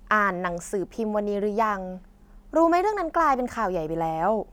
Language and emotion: Thai, neutral